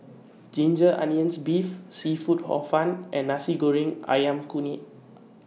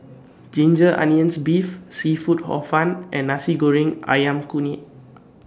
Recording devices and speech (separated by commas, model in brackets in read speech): mobile phone (iPhone 6), standing microphone (AKG C214), read sentence